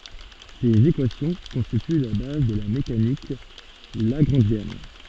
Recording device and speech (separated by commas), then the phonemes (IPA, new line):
soft in-ear microphone, read sentence
sez ekwasjɔ̃ kɔ̃stity la baz də la mekanik laɡʁɑ̃ʒjɛn